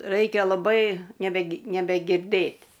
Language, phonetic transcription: Lithuanian, ˈraikia laˈbai nebe nebegirˈdɘt'

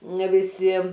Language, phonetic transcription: Lithuanian, ne viˈsi

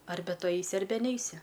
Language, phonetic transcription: Lithuanian, ˈarbe ˈtu ˈaisi ˈarbe ˈneisi

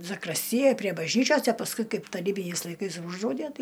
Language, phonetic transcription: Lithuanian, zakrasˈtijaj prie bažˈnyčios a pasˈkui ˈkaip taˈrybiniais laiˈkais ˈūždraudæ ˈtai

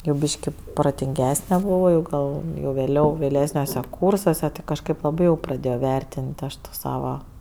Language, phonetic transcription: Lithuanian, jau ˈbyški protinˈgesne buˈvau ˈgal jau vėˈliau vėˈlesniuose ˈkūrsuose ti kažˈkaip laˈbai jau praˈdėjo ˈvertin't' ˈaš to ˈsava

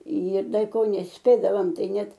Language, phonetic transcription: Lithuanian, ir ˈda i ˈko nesˈpėdavom ˈtai ˈnet

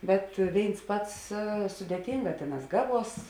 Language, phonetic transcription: Lithuanian, ˈbet ˈvėins ˈpats sudėˈtyngā ˈtėˌnās ˈgaˌvuos

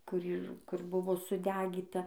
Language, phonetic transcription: Lithuanian, kur ˈyr ˈkur ˈbuvo suˈdegyta

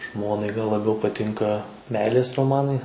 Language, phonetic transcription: Lithuanian, ˈžmonai gal laˈbiau paˈtinka ˈmeilės roˈmanai

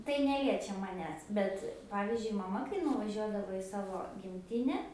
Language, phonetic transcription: Lithuanian, tai ˈneliečia maˈnęs ˈbet ˈpavizdžiui maˈma kai nuvaˈžiuodavo i ˈsavo gimˈtine

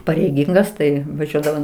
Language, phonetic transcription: Lithuanian, pareiˈgingas ˈtai vaˈžiuodavom

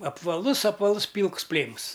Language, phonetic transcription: Lithuanian, apvaˈlus apvaˈlus ˈpylks ˈplėms

